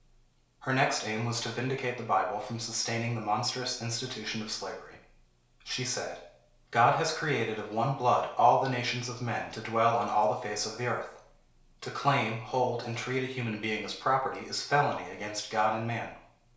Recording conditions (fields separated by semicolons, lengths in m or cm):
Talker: one person; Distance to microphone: 1.0 m; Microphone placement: close; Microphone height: 1.1 m; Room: small (3.7 m by 2.7 m); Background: none